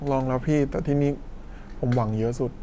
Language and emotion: Thai, sad